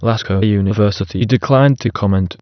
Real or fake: fake